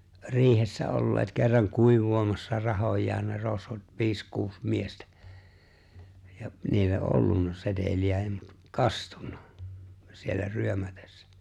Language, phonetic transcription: Finnish, 'ri̬ihessä 'olleet kerraŋ 'kuiv̆voomassa 'rahoj̀aan ne 'rosvot 'viis kuus 'miestᴀ̈ , ja niillä '’ollunna 'setel̜i₍ä ja mut , "kastunnᴀ , siellä 'ryömätᴇssᴀ̈ .
- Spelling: riihessä olleet kerran kuivaamassa rahojaan ne rosvot viisi kuusi miestä ja niillä ollut seteliä ja mutta kastunut siellä ryömätessä

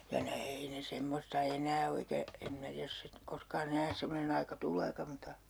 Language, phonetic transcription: Finnish, ja ne "ei ne 'semmosta 'enää o eikä , em 'minä tiäj jos sit- , 'koskaa'n ‿enää 'semmonen ‿aika "tul̆leeka muta , .
- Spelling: ja ne ei ne semmoista enää ole eikä en minä tiedä jos - koskaan enää semmoinen aika tuleekaan mutta

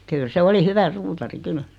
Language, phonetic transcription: Finnish, 'kyl se 'oli 'hyvä "suutari "kyl .
- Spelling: kyllä se oli hyvä suutari kyllä

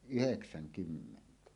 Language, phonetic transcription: Finnish, yheksäŋ'kymmentä .
- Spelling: yhdeksänkymmentä

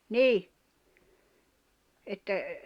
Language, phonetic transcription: Finnish, ni , että ,.
- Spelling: niin että

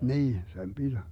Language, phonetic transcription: Finnish, 'niin , 'sem 'BiD .
- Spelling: niin sen piti

